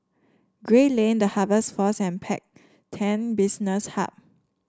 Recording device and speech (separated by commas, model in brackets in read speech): standing microphone (AKG C214), read sentence